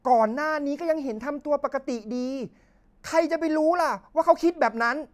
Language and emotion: Thai, angry